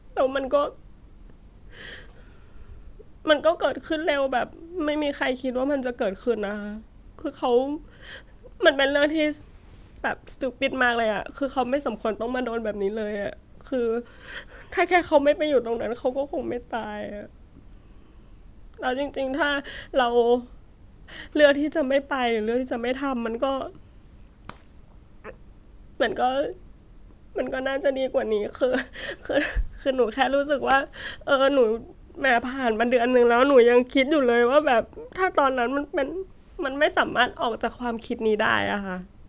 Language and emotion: Thai, sad